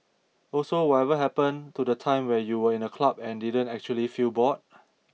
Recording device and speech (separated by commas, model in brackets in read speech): mobile phone (iPhone 6), read sentence